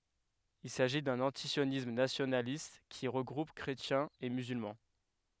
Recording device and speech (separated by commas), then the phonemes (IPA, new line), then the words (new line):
headset microphone, read sentence
il saʒi dœ̃n ɑ̃tisjonism nasjonalist ki ʁəɡʁup kʁetjɛ̃z e myzylmɑ̃
Il s’agit d’un antisionisme nationaliste, qui regroupe chrétiens et musulmans.